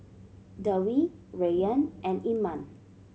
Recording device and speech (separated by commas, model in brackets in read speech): mobile phone (Samsung C7100), read sentence